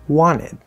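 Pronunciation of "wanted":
In 'wanted', the t after the n disappears completely, so the word is not said with a full t there.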